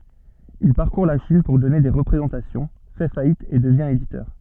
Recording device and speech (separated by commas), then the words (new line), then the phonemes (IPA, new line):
soft in-ear microphone, read sentence
Il parcourt la Chine pour donner des représentations, fait faillite et devient éditeur.
il paʁkuʁ la ʃin puʁ dɔne de ʁəpʁezɑ̃tasjɔ̃ fɛ fajit e dəvjɛ̃ editœʁ